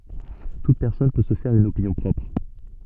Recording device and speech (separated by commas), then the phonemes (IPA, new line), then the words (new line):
soft in-ear microphone, read sentence
tut pɛʁsɔn pø sə fɛʁ yn opinjɔ̃ pʁɔpʁ
Toute personne peut se faire une opinion propre.